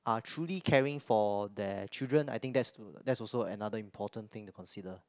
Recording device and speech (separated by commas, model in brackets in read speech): close-talking microphone, conversation in the same room